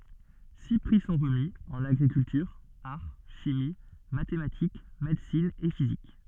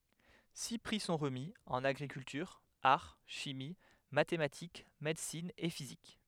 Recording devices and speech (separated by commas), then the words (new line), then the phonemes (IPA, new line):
soft in-ear microphone, headset microphone, read sentence
Six prix sont remis, en agriculture, art, chimie, mathématiques, médecine et physique.
si pʁi sɔ̃ ʁəmi ɑ̃n aɡʁikyltyʁ aʁ ʃimi matematik medəsin e fizik